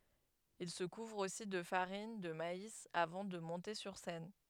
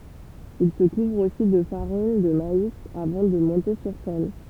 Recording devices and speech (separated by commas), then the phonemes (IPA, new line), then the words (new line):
headset microphone, temple vibration pickup, read sentence
il sə kuvʁ osi də faʁin də mais avɑ̃ də mɔ̃te syʁ sɛn
Il se couvre aussi de farine de maïs avant de monter sur scène.